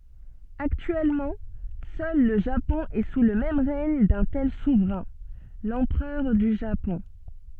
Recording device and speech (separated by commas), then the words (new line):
soft in-ear microphone, read sentence
Actuellement, seul le Japon est sous le règne d'un tel souverain, l’empereur du Japon.